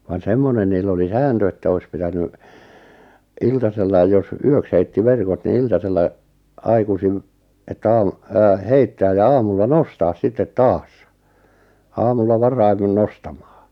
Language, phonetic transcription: Finnish, van "semmonen niil'l ‿oli "sääntö että 'ois 'pitäny , "iltasellai jos , "yöks 'heitti "verkot ni 'iltasella , 'aikusim , että 'aam- , aa- 'heittääj ja 'aamulla "nostaas 'sittet "taas , 'aamulla 'varaim(min) 'nostamᴀᴀ .
- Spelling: vaan semmoinen niillä oli sääntö että olisi pitänyt iltasella jos yöksi heitti verkot niin iltasella aikaisin että - - heittää ja aamulla nostaa sitten taas aamulla varhemmin nostamaan

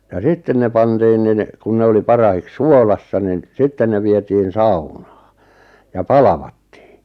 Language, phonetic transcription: Finnish, ja "sitten ne 'pantiin nin , kun 'ne oli 'parahiks "suolassa nin , 'sitten ne vietiin "saunᴀᴀ , ja "palavattɪɪ .
- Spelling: ja sitten ne pantiin niin kun ne oli parhaiksi suolassa niin sitten ne vietiin saunaan ja palvattiin

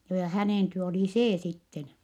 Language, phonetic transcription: Finnish, joo ja hänèn työ olì see sitten .
- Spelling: joo ja hänen työ oli se sitten

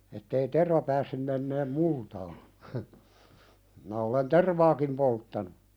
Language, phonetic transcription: Finnish, ettei "terva päässym menneem 'multaa , minä olen "tervaakim 'polttanu .
- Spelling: että ei terva päässyt menemään multaan minä olen tervaakin polttanut

